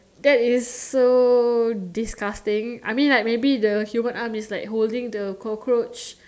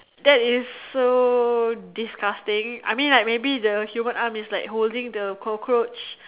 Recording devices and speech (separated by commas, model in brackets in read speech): standing microphone, telephone, conversation in separate rooms